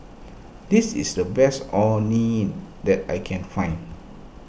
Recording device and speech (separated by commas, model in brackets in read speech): boundary microphone (BM630), read sentence